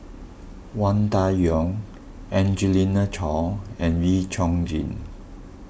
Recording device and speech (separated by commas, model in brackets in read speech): boundary microphone (BM630), read sentence